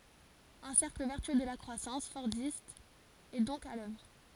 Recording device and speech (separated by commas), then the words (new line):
forehead accelerometer, read sentence
Un cercle vertueux de la croissance fordiste est donc à l'œuvre.